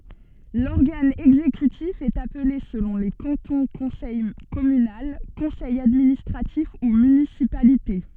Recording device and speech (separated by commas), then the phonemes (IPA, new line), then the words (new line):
soft in-ear microphone, read sentence
lɔʁɡan ɛɡzekytif ɛt aple səlɔ̃ le kɑ̃tɔ̃ kɔ̃sɛj kɔmynal kɔ̃sɛj administʁatif u mynisipalite
L'organe exécutif est appelé selon les cantons conseil communal, Conseil administratif ou municipalité.